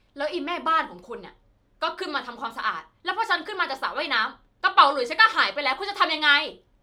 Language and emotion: Thai, angry